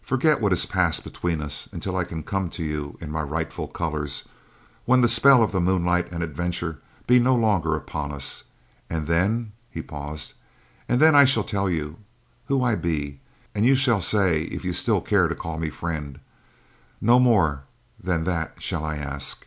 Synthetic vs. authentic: authentic